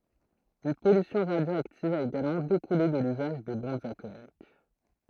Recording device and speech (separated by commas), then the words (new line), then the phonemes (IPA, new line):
throat microphone, read sentence
Une pollution radioactive a également découlé de l'usage des bombes atomiques.
yn pɔlysjɔ̃ ʁadjoaktiv a eɡalmɑ̃ dekule də lyzaʒ de bɔ̃bz atomik